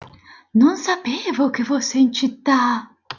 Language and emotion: Italian, surprised